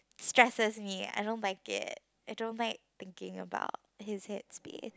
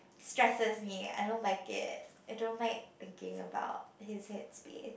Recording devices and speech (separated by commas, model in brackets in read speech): close-talking microphone, boundary microphone, conversation in the same room